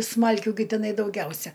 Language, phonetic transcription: Lithuanian, ˈsmalkių gi tiˈnai dauˈgiausia

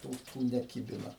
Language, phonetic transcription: Lithuanian, ˈtų tų neˈkibina

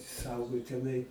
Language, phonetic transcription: Lithuanian, ˈsaugau teˈnai

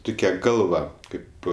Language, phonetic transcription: Lithuanian, ˈtukia ˈgalva ˈkaip

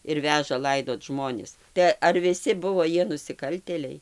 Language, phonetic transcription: Lithuanian, ir ˈveža ˈlaidot ˈžmonis tai ar viˈsi ˈbuvo ˈjie nusiˈkaltėliai

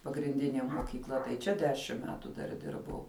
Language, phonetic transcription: Lithuanian, pagrinˈdinė mokykˈla tai ˈčia ˈdešim ˈmetu dar ˈdirbau

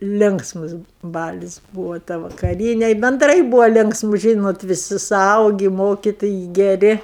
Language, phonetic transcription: Lithuanian, ˈlinksmus ˈbalis ˈbūvo ta vakaˈryne benˈdrai ˈbūvo ˈlinksmu ˈžynot viˈsi suˈaugi ˈmokitojai geˈri

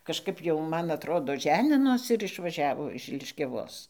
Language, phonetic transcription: Lithuanian, kažˈkap jau ˈman atˈrodo ˈženinosi ir išvaˈžiavo iš liškiaˈvos

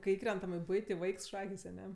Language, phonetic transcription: Lithuanian, kai ˈįkrentam i ˈbuiti ˈvaiks ˈšakės aˈne

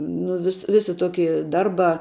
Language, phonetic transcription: Lithuanian, ˈnu vis ˈvisi ˈtoki ˈdarˌbā

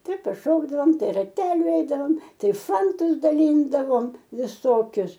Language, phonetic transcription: Lithuanian, ˈtai paˈšokdavom ˈtai raˈteliu eidaˈvom ˈtai ˈfantus daˈlyndavom viˈsokius

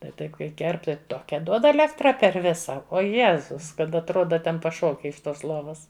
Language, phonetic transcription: Lithuanian, tai ˈtaip kai ˈkerp ˈtai ˈtokia duod aˈlektra per ˈvisa ˈo ˈjėzus kad atˈroda ˈten paˈšoki iš ˈtos ˈlovas

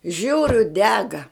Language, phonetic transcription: Lithuanian, ˈžiūriu ˈdega

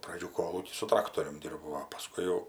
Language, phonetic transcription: Lithuanian, praˈdžių ˈkolūky su ˈtraktorium ˈdyrbau o paˈskui jau

